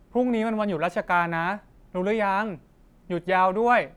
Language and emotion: Thai, neutral